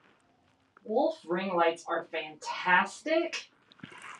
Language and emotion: English, disgusted